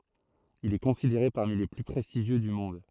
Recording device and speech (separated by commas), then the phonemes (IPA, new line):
throat microphone, read sentence
il ɛ kɔ̃sideʁe paʁmi le ply pʁɛstiʒjø dy mɔ̃d